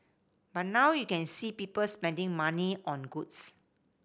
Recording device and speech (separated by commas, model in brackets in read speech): boundary microphone (BM630), read sentence